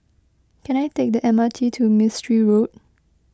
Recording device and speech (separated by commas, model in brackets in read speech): close-talking microphone (WH20), read sentence